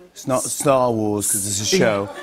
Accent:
English accent